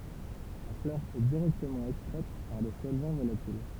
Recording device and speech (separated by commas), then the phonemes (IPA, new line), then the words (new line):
temple vibration pickup, read sentence
la flœʁ ɛ diʁɛktəmɑ̃ ɛkstʁɛt paʁ de sɔlvɑ̃ volatil
La fleur est directement extraite par des solvants volatils.